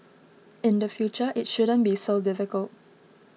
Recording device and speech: mobile phone (iPhone 6), read sentence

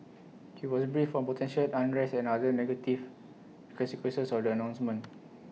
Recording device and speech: mobile phone (iPhone 6), read sentence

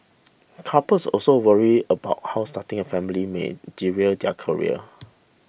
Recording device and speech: boundary microphone (BM630), read sentence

